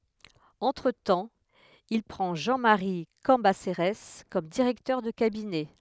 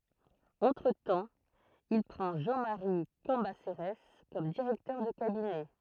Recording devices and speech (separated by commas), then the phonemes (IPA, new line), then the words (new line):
headset microphone, throat microphone, read sentence
ɑ̃tʁətɑ̃ il pʁɑ̃ ʒɑ̃ maʁi kɑ̃baseʁɛs kɔm diʁɛktœʁ də kabinɛ
Entretemps, il prend Jean-Marie Cambacérès comme directeur de cabinet.